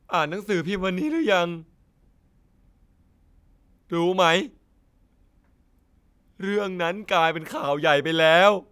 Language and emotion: Thai, sad